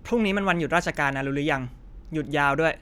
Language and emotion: Thai, neutral